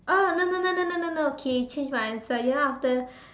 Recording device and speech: standing microphone, conversation in separate rooms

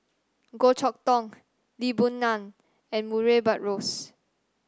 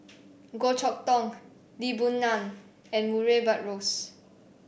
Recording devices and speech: standing microphone (AKG C214), boundary microphone (BM630), read sentence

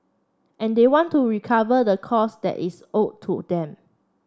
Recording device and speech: standing microphone (AKG C214), read sentence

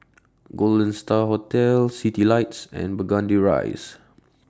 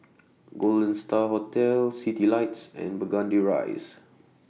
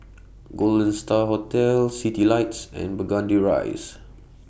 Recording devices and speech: standing microphone (AKG C214), mobile phone (iPhone 6), boundary microphone (BM630), read sentence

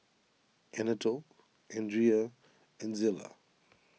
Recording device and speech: mobile phone (iPhone 6), read sentence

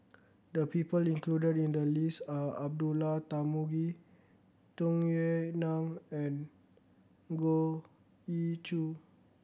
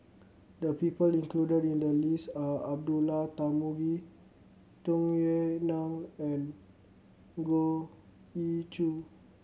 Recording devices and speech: boundary microphone (BM630), mobile phone (Samsung C7100), read sentence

